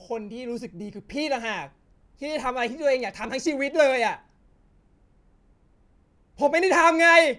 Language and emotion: Thai, angry